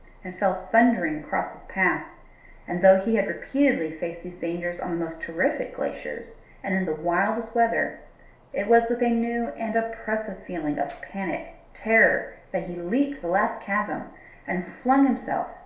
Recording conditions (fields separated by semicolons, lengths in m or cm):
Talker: one person; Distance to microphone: 1.0 m; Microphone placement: close; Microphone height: 1.1 m; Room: small (3.7 m by 2.7 m); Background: none